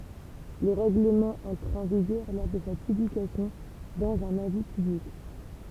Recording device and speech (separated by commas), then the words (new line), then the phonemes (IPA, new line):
temple vibration pickup, read sentence
Le règlement entre en vigueur lors de sa publication dans un avis public.
lə ʁɛɡləmɑ̃ ɑ̃tʁ ɑ̃ viɡœʁ lɔʁ də sa pyblikasjɔ̃ dɑ̃z œ̃n avi pyblik